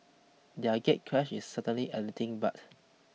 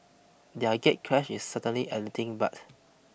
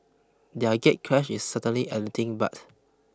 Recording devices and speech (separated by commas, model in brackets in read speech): mobile phone (iPhone 6), boundary microphone (BM630), close-talking microphone (WH20), read sentence